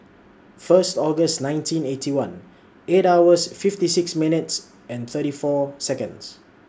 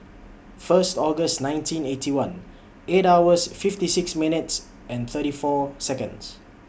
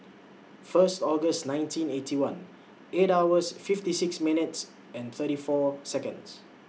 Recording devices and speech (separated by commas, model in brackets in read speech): standing microphone (AKG C214), boundary microphone (BM630), mobile phone (iPhone 6), read sentence